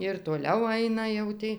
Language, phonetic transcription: Lithuanian, ir toˈliau ˈaina jau ˈtį

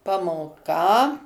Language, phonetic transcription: Lithuanian, pamoˈka

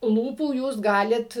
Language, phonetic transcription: Lithuanian, ˈlūpų ˈjūs ˈgalit

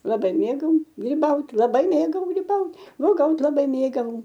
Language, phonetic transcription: Lithuanian, laˈbai ˈmėgau gryˈbaut' laˈbai ˈmėgau gryˈbaut uoˈgaut' laˈbai ˈmėgau

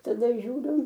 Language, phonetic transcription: Lithuanian, taˈda žiūˈriu

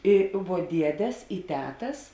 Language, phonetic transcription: Lithuanian, ˈi vuo ˈdiedes i ˈtetas

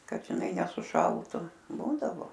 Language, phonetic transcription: Lithuanian, ˈkad žiˈnai nesuˈšaltu ˈbūdavo

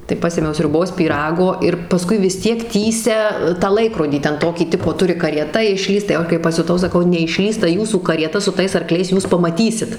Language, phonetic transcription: Lithuanian, tai ˈpasėmiau sriuˈbos pyˈrago ir paˈskui vis ˈtiek ˈtįsia tą ˈlaikrodį ˈten ˈtokį ˈtipo ˈturi karieˈta išˈlįst tai jau ˈaš kai pasiuˈtau saˈkau neišˈlįs ta ˈjūsų karieˈta su ˈtais arˈkliais ˈjūs pamaˈtysit

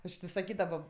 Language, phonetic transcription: Lithuanian, ˈaš ti saˈkydavo

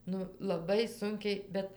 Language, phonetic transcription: Lithuanian, ˈnu laˈbai ˈsunkiai ˈbet

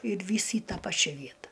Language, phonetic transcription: Lithuanian, ir ˈvys į ˈtą ˈpačia ˈvieta

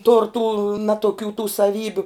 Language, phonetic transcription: Lithuanian, tur tų ˈnatoˌkių tų saˈvybiu

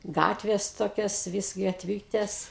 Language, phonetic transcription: Lithuanian, ˈgatvės ˈtokios vis gatˈvytės

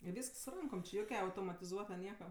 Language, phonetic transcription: Lithuanian, i ˈvysks su ˈrankom či ˈjokia automatiˈzuota ˈnieka

